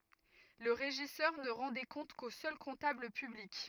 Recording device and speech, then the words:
rigid in-ear microphone, read sentence
Le régisseur ne rend des comptes qu'au seul comptable public.

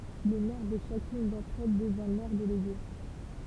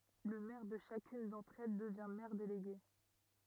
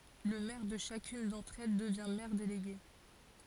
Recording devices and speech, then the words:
temple vibration pickup, rigid in-ear microphone, forehead accelerometer, read sentence
Le maire de chacune d'entre elles devient maire délégué.

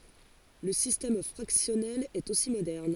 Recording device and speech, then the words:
forehead accelerometer, read sentence
Le système fractionnel est aussi moderne.

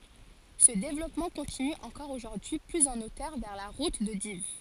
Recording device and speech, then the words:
forehead accelerometer, read sentence
Ce développement continue encore aujourd'hui plus en hauteur vers la route de Dives.

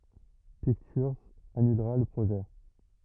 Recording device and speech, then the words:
rigid in-ear microphone, read sentence
Pictures annulera le projet.

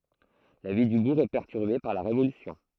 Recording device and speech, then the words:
throat microphone, read sentence
La vie du bourg est perturbée par la Révolution.

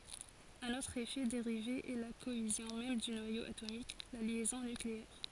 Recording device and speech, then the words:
forehead accelerometer, read sentence
Un autre effet dérivé est la cohésion même du noyau atomique, la liaison nucléaire.

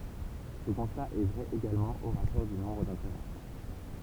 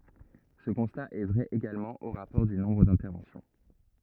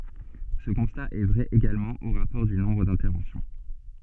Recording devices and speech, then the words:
temple vibration pickup, rigid in-ear microphone, soft in-ear microphone, read sentence
Ce constat est vrai également au rapport du nombre d'interventions.

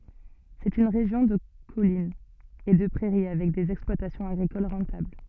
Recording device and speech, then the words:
soft in-ear microphone, read sentence
C'est une région de collines et de prairies avec des exploitations agricoles rentables.

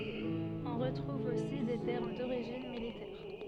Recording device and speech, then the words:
soft in-ear microphone, read sentence
On retrouve aussi des termes d'origine militaire.

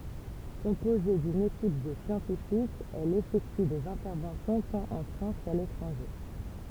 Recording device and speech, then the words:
temple vibration pickup, read sentence
Composée d'une équipe de scientifiques, elle effectue des interventions tant en France qu'à l'étranger.

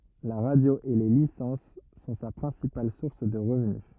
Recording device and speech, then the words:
rigid in-ear microphone, read sentence
La radio et les licences sont sa principale source de revenu.

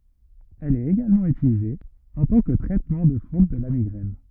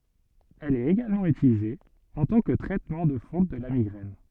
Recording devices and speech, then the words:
rigid in-ear microphone, soft in-ear microphone, read sentence
Elle est également utilisée en tant que traitement de fond de la migraine.

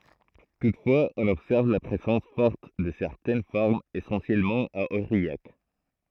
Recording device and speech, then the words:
throat microphone, read sentence
Toutefois, on observe la présence forte de certaines formes, essentiellement à Aurillac.

